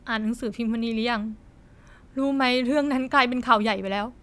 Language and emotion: Thai, sad